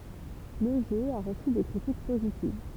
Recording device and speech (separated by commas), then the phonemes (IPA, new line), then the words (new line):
temple vibration pickup, read sentence
lə ʒø a ʁəsy de kʁitik pozitiv
Le jeu a reçu des critiques positives.